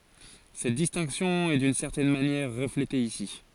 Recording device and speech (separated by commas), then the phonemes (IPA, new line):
forehead accelerometer, read sentence
sɛt distɛ̃ksjɔ̃ ɛ dyn sɛʁtɛn manjɛʁ ʁəflete isi